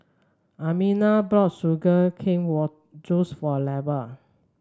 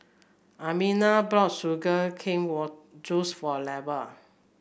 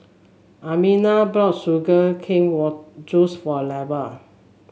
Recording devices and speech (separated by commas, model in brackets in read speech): standing microphone (AKG C214), boundary microphone (BM630), mobile phone (Samsung S8), read sentence